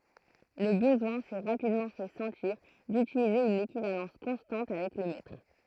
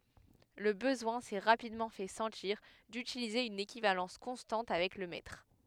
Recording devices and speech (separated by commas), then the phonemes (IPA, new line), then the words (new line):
throat microphone, headset microphone, read sentence
lə bəzwɛ̃ sɛ ʁapidmɑ̃ fɛ sɑ̃tiʁ dytilize yn ekivalɑ̃s kɔ̃stɑ̃t avɛk lə mɛtʁ
Le besoin s'est rapidement fait sentir d'utiliser une équivalence constante avec le mètre.